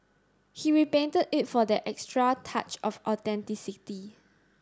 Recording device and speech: standing microphone (AKG C214), read sentence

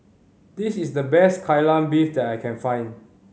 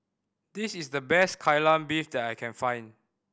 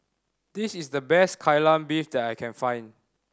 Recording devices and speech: mobile phone (Samsung C5010), boundary microphone (BM630), standing microphone (AKG C214), read sentence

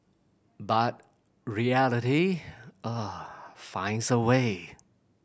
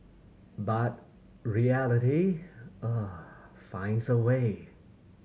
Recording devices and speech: boundary microphone (BM630), mobile phone (Samsung C7100), read sentence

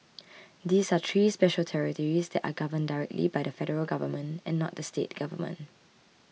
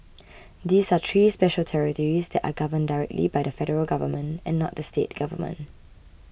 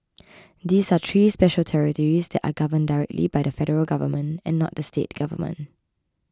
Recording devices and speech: mobile phone (iPhone 6), boundary microphone (BM630), close-talking microphone (WH20), read sentence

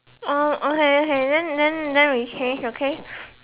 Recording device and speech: telephone, conversation in separate rooms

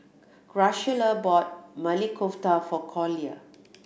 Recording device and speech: boundary microphone (BM630), read sentence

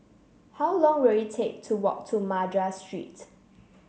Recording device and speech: mobile phone (Samsung C7), read sentence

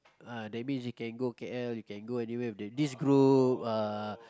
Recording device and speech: close-talking microphone, conversation in the same room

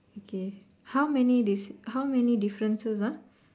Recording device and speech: standing microphone, conversation in separate rooms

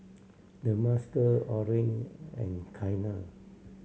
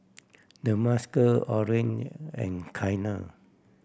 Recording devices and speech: mobile phone (Samsung C7100), boundary microphone (BM630), read sentence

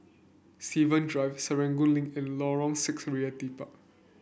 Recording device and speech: boundary microphone (BM630), read sentence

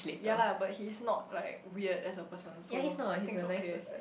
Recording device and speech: boundary microphone, conversation in the same room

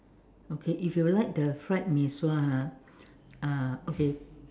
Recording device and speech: standing microphone, conversation in separate rooms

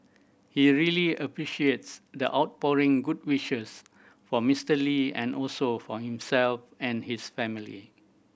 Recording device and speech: boundary microphone (BM630), read sentence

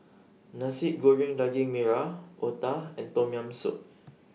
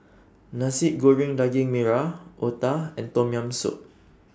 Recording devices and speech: mobile phone (iPhone 6), standing microphone (AKG C214), read sentence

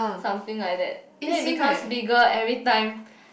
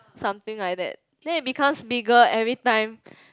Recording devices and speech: boundary microphone, close-talking microphone, conversation in the same room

